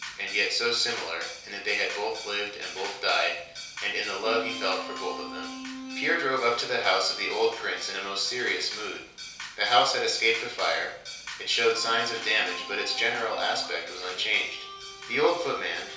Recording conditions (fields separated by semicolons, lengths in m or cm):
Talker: one person; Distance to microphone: 3.0 m; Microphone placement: far; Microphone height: 1.8 m; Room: small (3.7 m by 2.7 m); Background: music